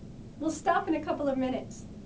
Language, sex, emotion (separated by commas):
English, female, neutral